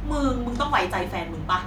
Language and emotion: Thai, frustrated